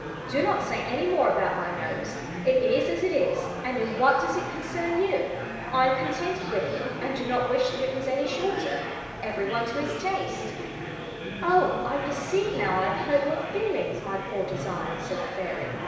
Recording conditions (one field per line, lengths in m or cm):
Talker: one person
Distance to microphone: 1.7 m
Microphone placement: close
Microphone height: 1.0 m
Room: very reverberant, large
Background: babble